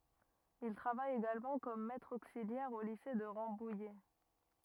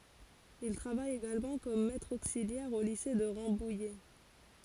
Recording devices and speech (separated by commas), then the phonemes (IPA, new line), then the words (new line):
rigid in-ear microphone, forehead accelerometer, read sentence
il tʁavaj eɡalmɑ̃ kɔm mɛtʁ oksiljɛʁ o lise də ʁɑ̃bujɛ
Il travaille également comme maître auxiliaire au lycée de Rambouillet.